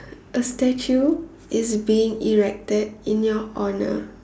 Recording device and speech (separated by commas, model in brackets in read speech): standing microphone, conversation in separate rooms